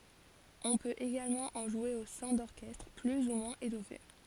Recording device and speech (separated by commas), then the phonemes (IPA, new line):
forehead accelerometer, read sentence
ɔ̃ pøt eɡalmɑ̃ ɑ̃ ʒwe o sɛ̃ dɔʁkɛstʁ ply u mwɛ̃z etɔfe